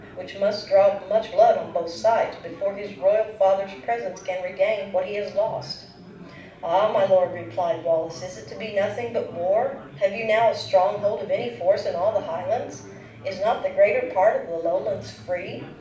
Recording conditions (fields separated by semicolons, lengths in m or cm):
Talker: one person; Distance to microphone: 5.8 m; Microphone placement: far; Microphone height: 1.8 m; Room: medium-sized (5.7 m by 4.0 m); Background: babble